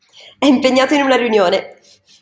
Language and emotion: Italian, happy